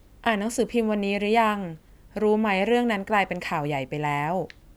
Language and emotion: Thai, neutral